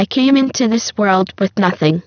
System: VC, spectral filtering